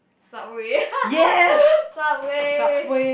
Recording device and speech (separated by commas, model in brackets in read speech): boundary microphone, conversation in the same room